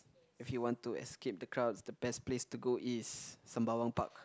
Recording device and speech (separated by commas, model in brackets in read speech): close-talking microphone, conversation in the same room